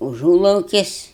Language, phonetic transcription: Lithuanian, užūlaukis'

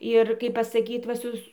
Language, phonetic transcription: Lithuanian, ir ˈkaip pasaˈkyt va ˈsus

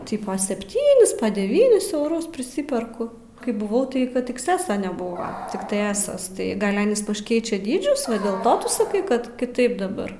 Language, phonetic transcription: Lithuanian, ˈtipo sepˈtynis deˈvynis euˈrus priˈsiperku kai buˈvau tai kad iksˈeso neˈbuvo tikˈtai ˈesas tai ˈgal' ˈanys paš ˈkeičia ˈdydžius va dėl ˈto tu saˈkai ˈkad kiˈtaip daˈbar

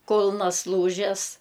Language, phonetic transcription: Lithuanian, ˈkulnas ˈlūžes

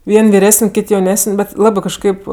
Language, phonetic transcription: Lithuanian, ˈvien' viˈresən' ˈkit jauˈnesən' ˈbet ˈlabɜ kažˈkaip

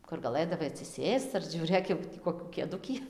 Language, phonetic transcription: Lithuanian, kur gaˈlɘdavai atsiˈsėsc ar žiūˈrėk jau ˈtį koˈkių kėˈdukį

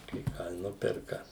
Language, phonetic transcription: Lithuanian, kai ˈką i ˈnuperka

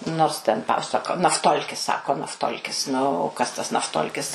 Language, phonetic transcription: Lithuanian, ˈnors ten ˈpasako nafˈtolkis ˈsako nafˈtolkis ˈnu o ˈkas tas nafˈtolkis

